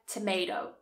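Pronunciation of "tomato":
'Tomato' is said with the American English pronunciation.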